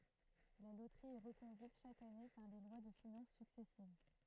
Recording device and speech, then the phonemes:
throat microphone, read sentence
la lotʁi ɛ ʁəkɔ̃dyit ʃak ane paʁ le lwa də finɑ̃s syksɛsiv

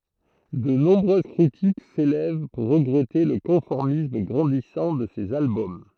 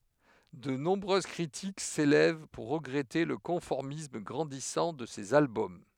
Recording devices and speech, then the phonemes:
throat microphone, headset microphone, read sentence
də nɔ̃bʁøz kʁitik selɛv puʁ ʁəɡʁɛte lə kɔ̃fɔʁmism ɡʁɑ̃disɑ̃ də sez albɔm

